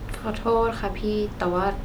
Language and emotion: Thai, sad